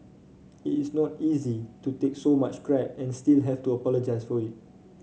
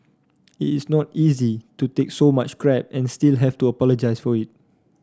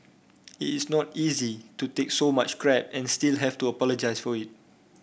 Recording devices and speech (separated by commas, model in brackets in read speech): mobile phone (Samsung C5), standing microphone (AKG C214), boundary microphone (BM630), read sentence